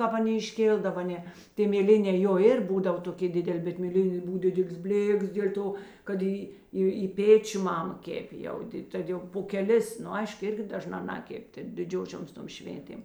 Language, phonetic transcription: Lithuanian, ˈkāp aˈnė išˈkėldava ˈne ˈtė mėˈlinē jo ˈir ˈbūdav toˈkė ˈdidel' bet mėˈlinė ˈbuv ˈdidelės ˈblėks dėl' ˈto kad ˈį ˈį i ˈpėčiu ˈmama ˈkepė jau ˈdid ˈtad jau po keˈlis nu ˈaišk ˈirgi daˈžnā ˈnakep' ˈtėk diˈdžiošioms ˈtom ˈšvėntėm

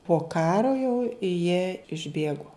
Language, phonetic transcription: Lithuanian, po ˈkaro jau jie išˈbėgo

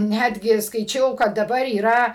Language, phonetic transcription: Lithuanian, ˈnætgi skaiˈčiau kad daˈbar yˈra

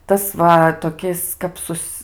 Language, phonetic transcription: Lithuanian, ˈtas va toˈkis kap ˈsus

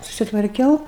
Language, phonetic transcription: Lithuanian, susitvarˈkiau

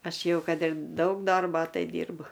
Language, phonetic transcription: Lithuanian, ˈaš ˈjau ˈkad ir ˈdaug ˈdorbo ˈtai ˈdyrbu

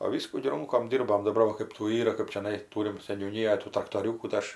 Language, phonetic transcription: Lithuanian, o ˈvyskų gi ˈrunkom ˈdyrbom daˈbar va ˈkɜp tų ˈyra kɜp čiaˈnai ˈtūrim seniūˈnyjoj tų traktoˈriūkų tai ˈaš

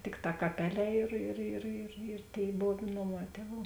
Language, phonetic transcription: Lithuanian, ˈtikˌtā kaˈpeˌlē ir ir ir i ir ˈtėi ˈbov ˈnoˌmā ˈtieˌvų

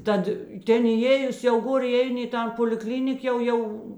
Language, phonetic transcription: Lithuanian, ˈtad ˈtėn įˈėjus jau ˈgor iˈeini i ˈtan poliˈklinik ˈjau ˈjau

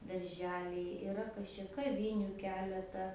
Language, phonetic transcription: Lithuanian, darˈželiai iˈra kas čia kaˈviniu ˈkeleta

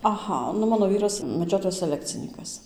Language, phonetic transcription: Lithuanian, aˈha nu ˈmano ˈvyras meˈdžiotojas seˈlekcinykas

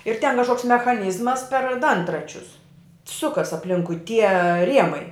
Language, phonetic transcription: Lithuanian, ir ten kažˈkoks mechaˈnyzmas per ˈdantračius ˈsukas apˈlinkui tie ˈriemai

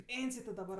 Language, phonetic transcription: Lithuanian, ˈpėnsij ti daˈbar

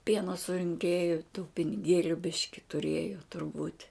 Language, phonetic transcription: Lithuanian, ˈpieno surinˈkėju tų piniˈgėliu ˈbiški tuˈrėjo turˈbūt'

